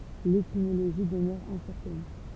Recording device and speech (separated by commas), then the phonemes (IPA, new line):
temple vibration pickup, read sentence
letimoloʒi dəmœʁ ɛ̃sɛʁtɛn